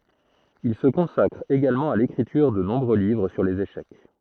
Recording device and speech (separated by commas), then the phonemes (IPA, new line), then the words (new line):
throat microphone, read sentence
il sə kɔ̃sakʁ eɡalmɑ̃ a lekʁityʁ də nɔ̃bʁø livʁ syʁ lez eʃɛk
Il se consacre également à l'écriture de nombreux livres sur les échecs.